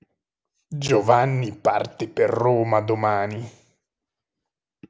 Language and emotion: Italian, disgusted